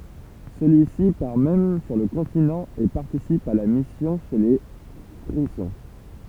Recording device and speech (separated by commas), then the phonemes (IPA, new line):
temple vibration pickup, read sentence
səlyisi paʁ mɛm syʁ lə kɔ̃tinɑ̃ e paʁtisip a la misjɔ̃ ʃe le fʁizɔ̃